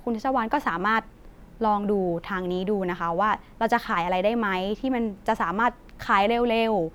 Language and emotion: Thai, neutral